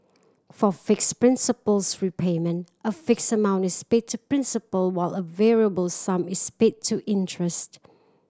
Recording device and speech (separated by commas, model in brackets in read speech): standing microphone (AKG C214), read sentence